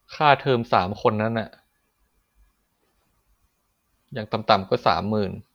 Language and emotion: Thai, frustrated